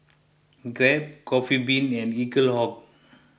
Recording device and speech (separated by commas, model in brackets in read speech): boundary microphone (BM630), read sentence